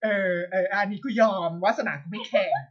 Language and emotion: Thai, happy